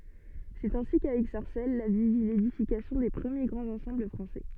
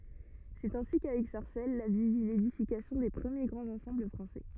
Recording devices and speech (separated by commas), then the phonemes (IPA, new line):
soft in-ear microphone, rigid in-ear microphone, read sentence
sɛt ɛ̃si kavɛk saʁsɛl la vil vi ledifikasjɔ̃ de pʁəmje ɡʁɑ̃z ɑ̃sɑ̃bl fʁɑ̃sɛ